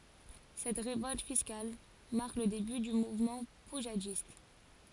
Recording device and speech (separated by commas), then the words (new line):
forehead accelerometer, read sentence
Cette révolte fiscale marque le début du mouvement poujadiste.